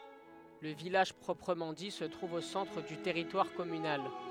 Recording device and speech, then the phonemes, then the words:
headset microphone, read sentence
lə vilaʒ pʁɔpʁəmɑ̃ di sə tʁuv o sɑ̃tʁ dy tɛʁitwaʁ kɔmynal
Le village proprement dit se trouve au centre du territoire communal.

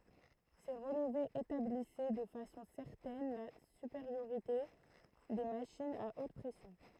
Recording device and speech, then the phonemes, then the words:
throat microphone, read sentence
se ʁəlvez etablisɛ də fasɔ̃ sɛʁtɛn la sypeʁjoʁite de maʃinz a ot pʁɛsjɔ̃
Ces relevés établissaient de façon certaine la supériorité des machines à haute pression.

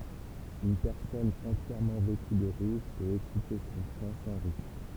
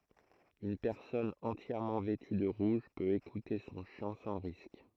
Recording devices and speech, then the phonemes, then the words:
temple vibration pickup, throat microphone, read sentence
yn pɛʁsɔn ɑ̃tjɛʁmɑ̃ vɛty də ʁuʒ pøt ekute sɔ̃ ʃɑ̃ sɑ̃ ʁisk
Une personne entièrement vêtue de rouge peut écouter son chant sans risque.

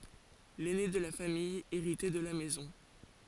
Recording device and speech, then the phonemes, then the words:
forehead accelerometer, read sentence
lɛne də la famij eʁitɛ də la mɛzɔ̃
L’aîné de la famille héritait de la maison.

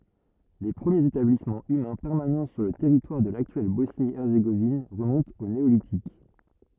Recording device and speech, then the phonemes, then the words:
rigid in-ear microphone, read sentence
le pʁəmjez etablismɑ̃ ymɛ̃ pɛʁmanɑ̃ syʁ lə tɛʁitwaʁ də laktyɛl bɔsni ɛʁzeɡovin ʁəmɔ̃tt o neolitik
Les premiers établissement humains permanent sur le territoire de l'actuelle Bosnie-Herzégovine remontent au Néolithique.

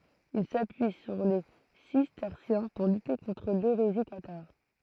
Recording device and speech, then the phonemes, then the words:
throat microphone, read sentence
il sapyi syʁ le sistɛʁsjɛ̃ puʁ lyte kɔ̃tʁ leʁezi kataʁ
Il s’appuie sur les cisterciens pour lutter contre l’hérésie cathare.

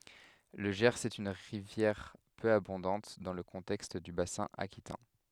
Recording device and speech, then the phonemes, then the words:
headset microphone, read sentence
lə ʒɛʁz ɛt yn ʁivjɛʁ pø abɔ̃dɑ̃t dɑ̃ lə kɔ̃tɛkst dy basɛ̃ akitɛ̃
Le Gers est une rivière peu abondante dans le contexte du bassin aquitain.

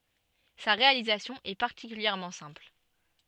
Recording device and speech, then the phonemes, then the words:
soft in-ear microphone, read sentence
sa ʁealizasjɔ̃ ɛ paʁtikyljɛʁmɑ̃ sɛ̃pl
Sa réalisation est particulièrement simple.

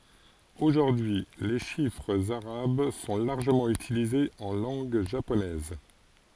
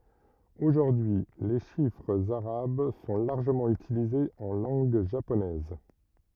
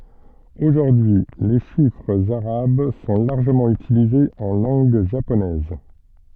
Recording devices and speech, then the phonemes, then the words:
forehead accelerometer, rigid in-ear microphone, soft in-ear microphone, read sentence
oʒuʁdyi y le ʃifʁz aʁab sɔ̃ laʁʒəmɑ̃ ytilizez ɑ̃ lɑ̃ɡ ʒaponɛz
Aujourd'hui, les chiffres arabes sont largement utilisés en langue japonaise.

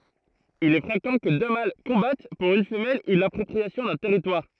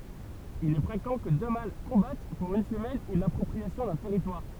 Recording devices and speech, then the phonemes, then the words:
throat microphone, temple vibration pickup, read sentence
il ɛ fʁekɑ̃ kə dø mal kɔ̃bat puʁ yn fəmɛl u lapʁɔpʁiasjɔ̃ dœ̃ tɛʁitwaʁ
Il est fréquent que deux mâles combattent pour une femelle ou l’appropriation d'un territoire.

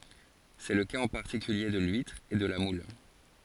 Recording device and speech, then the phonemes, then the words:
forehead accelerometer, read sentence
sɛ lə kaz ɑ̃ paʁtikylje də lyitʁ e də la mul
C'est le cas en particulier de l'huître et de la moule.

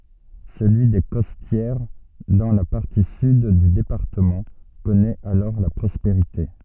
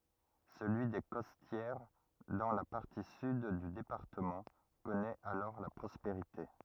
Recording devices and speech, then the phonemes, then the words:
soft in-ear microphone, rigid in-ear microphone, read sentence
səlyi de kɔstjɛʁ dɑ̃ la paʁti syd dy depaʁtəmɑ̃ kɔnɛt alɔʁ la pʁɔspeʁite
Celui des Costières, dans la partie sud du département, connaît alors la prospérité.

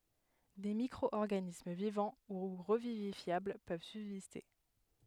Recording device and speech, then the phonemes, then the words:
headset microphone, read sentence
de mikʁɔɔʁɡanism vivɑ̃ u ʁəvivifjabl pøv sybziste
Des micro-organismes vivants ou revivifiables peuvent subsister.

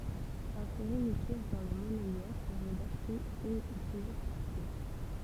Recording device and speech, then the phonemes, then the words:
temple vibration pickup, read sentence
ɛ̃seʁe yn pjɛs dɑ̃ lə mɔnɛjœʁ pɛʁmɛ daʃte yn u plyzjœʁ paʁti
Insérer une pièce dans le monnayeur permet d'acheter une ou plusieurs parties.

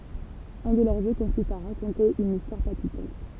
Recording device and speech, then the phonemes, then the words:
temple vibration pickup, read sentence
œ̃ də lœʁ ʒø kɔ̃sist a ʁakɔ̃te yn istwaʁ palpitɑ̃t
Un de leurs jeux consiste à raconter une histoire palpitante.

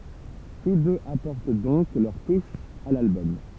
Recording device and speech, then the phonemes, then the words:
temple vibration pickup, read sentence
tus døz apɔʁt dɔ̃k lœʁ tuʃ a lalbɔm
Tous deux apportent donc leur touche à l'album.

